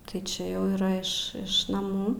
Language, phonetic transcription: Lithuanian, tai ˈčia jau yˈra iš ˈiš naˈmų

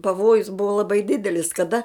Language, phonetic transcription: Lithuanian, paˈvojus ˈbuvo laˈbai ˈdidelis kaˈda

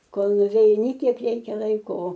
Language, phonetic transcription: Lithuanian, ˈkol nuveiˈni ˈkiek ˈreikia ˈlaiko o

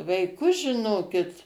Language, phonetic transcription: Lithuanian, vaiˈkus žiˈnokit

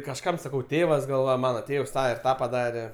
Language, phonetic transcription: Lithuanian, kažˈkam saˈkau ˈtėvas gal ˈva ˈmana ˈtėvs ˈtą ir ˈtą paˈdare

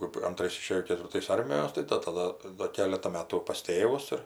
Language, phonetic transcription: Lithuanian, kɜp anˈtrais iˈšėjo ketvirˈtais ˈarmijos ˈtai da taˈda do ˈkeleta ˈmetu pas ˈtėvus ir

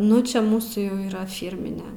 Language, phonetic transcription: Lithuanian, ˈnu čia ˈmūsų jau yˈra ˈfyrmine

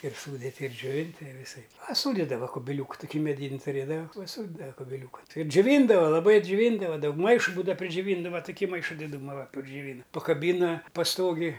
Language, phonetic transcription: Lithuanian, ir ˈsūditi ir džioˈvinti i viˈsaip paˈsūdidava kubiˈliūku tuˈkį meˈdyn' tuˈrėdava paˈsūdidava kubiˈliūkan ˈtai ir džiuˈvyndava laˈbai džiuˈvyndava ˈdaug ˈmaišu ˈbūda pridžiuˈvyndava tuˈkį ˈmaiša diˈdūma va pridžiuˈvyna pakaˈbyna paˈstogij

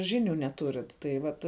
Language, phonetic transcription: Lithuanian, ˈžiniu neˈturit tai ˈvat

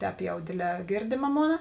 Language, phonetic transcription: Lithuanian, ˈtēp jau ˈdėˌdlē ˈgėrdėma ˈmona

